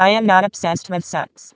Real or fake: fake